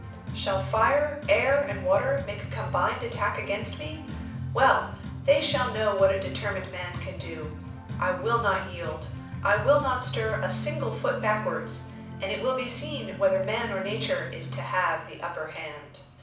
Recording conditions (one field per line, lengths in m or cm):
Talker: one person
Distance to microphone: 5.8 m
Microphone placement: far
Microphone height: 1.8 m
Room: medium-sized (5.7 m by 4.0 m)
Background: music